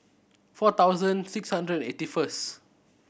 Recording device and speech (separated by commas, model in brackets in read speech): boundary microphone (BM630), read sentence